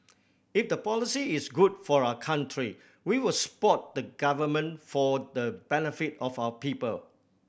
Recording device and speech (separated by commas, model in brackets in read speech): boundary microphone (BM630), read sentence